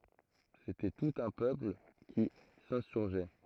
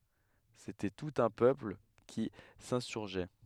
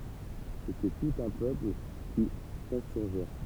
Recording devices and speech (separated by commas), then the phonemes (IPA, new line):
throat microphone, headset microphone, temple vibration pickup, read sentence
setɛ tut œ̃ pøpl ki sɛ̃syʁʒɛ